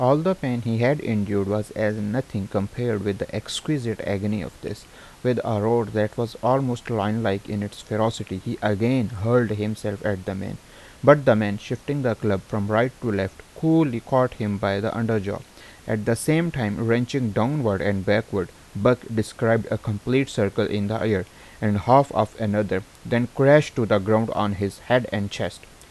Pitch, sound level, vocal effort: 110 Hz, 83 dB SPL, normal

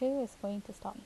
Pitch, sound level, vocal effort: 230 Hz, 78 dB SPL, soft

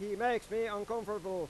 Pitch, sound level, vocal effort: 210 Hz, 99 dB SPL, loud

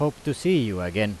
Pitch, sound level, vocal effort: 120 Hz, 89 dB SPL, loud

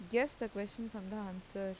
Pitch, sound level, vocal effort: 205 Hz, 84 dB SPL, normal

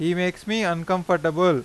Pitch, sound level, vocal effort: 180 Hz, 94 dB SPL, loud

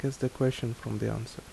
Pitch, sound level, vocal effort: 130 Hz, 73 dB SPL, soft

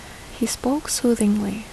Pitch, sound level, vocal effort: 230 Hz, 69 dB SPL, soft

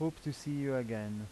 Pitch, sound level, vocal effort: 135 Hz, 85 dB SPL, normal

